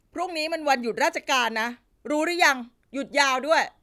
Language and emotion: Thai, angry